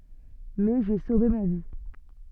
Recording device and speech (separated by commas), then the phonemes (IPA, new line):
soft in-ear microphone, read sentence
mɛ ʒe sove ma vi